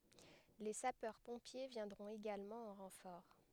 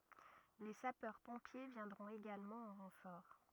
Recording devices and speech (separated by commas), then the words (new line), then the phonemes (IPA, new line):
headset microphone, rigid in-ear microphone, read sentence
Les Sapeurs-Pompiers viendront également en renfort.
le sapœʁ pɔ̃pje vjɛ̃dʁɔ̃t eɡalmɑ̃ ɑ̃ ʁɑ̃fɔʁ